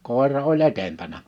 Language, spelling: Finnish, koira oli edempänä
- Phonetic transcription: 'kòera o"ĺ ‿'etempänä .

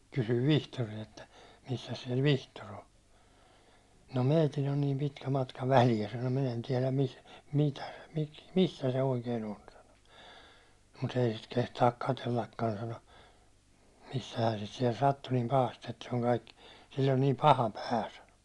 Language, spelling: Finnish, kysyin Vihtoria että missäs siellä Vihtori on no meillä on niin pitkä matka väliä sanoi minä en tiedä - - - missä se oikein on sanoi mutta ei sitä kehtaa katsellakaan sanoi missähän sitä siellä sattui niin pahasti että se on kaikki sillä on niin paha pää sanoi
- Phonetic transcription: kysyv "Vihtori₍a että , » missäs siɛl "Vihtor ‿o « » no 'mèi̬till ‿on niim pitkä matka "välijä « sano “minᵃ̈ en tiɛläm mis- , mitä- , mi- , 'missä se 'oikee'n ‿on « sano » mu't ‿ei sit kehtaak 'katellakkan « sano , » missähään̬ sit siɛl 'sattu niim 'pahast ‿että se on kaikkɪ , sill ‿on niim "paha 'pää « sano .

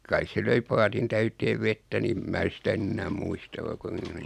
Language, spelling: Finnish, kai se löi paatin täyteen vettä niin en minä sitä nyt enää muista vaikka on
- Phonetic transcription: 'kais se 'löi 'paatin täyteev 'vettä ni ᵉm mää 'sitä (ny) "ennääᵐ muista vaik ‿on --.

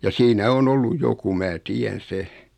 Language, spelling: Finnish, ja siinä on ollut joku minä tiedän sen
- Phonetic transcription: ja 'siinä 'on 'olluj "joku mää "ti₍än̬ "se .

